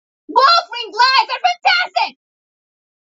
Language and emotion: English, neutral